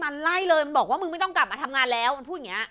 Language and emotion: Thai, angry